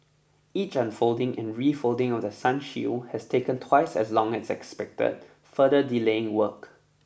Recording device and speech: boundary microphone (BM630), read sentence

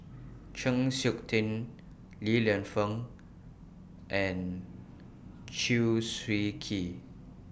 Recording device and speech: boundary microphone (BM630), read sentence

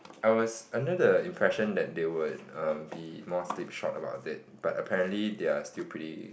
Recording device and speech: boundary microphone, conversation in the same room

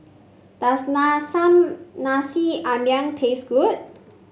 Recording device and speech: mobile phone (Samsung C5), read sentence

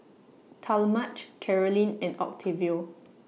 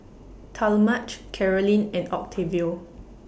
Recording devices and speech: mobile phone (iPhone 6), boundary microphone (BM630), read sentence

